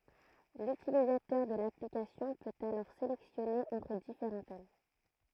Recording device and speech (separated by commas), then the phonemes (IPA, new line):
throat microphone, read sentence
lytilizatœʁ də laplikasjɔ̃ pøt alɔʁ selɛksjɔne ɑ̃tʁ difeʁɑ̃ tɛm